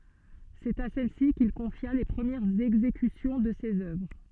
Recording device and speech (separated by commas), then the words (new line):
soft in-ear microphone, read sentence
C'est à celle-ci qu'il confia les premières exécutions de ses œuvres.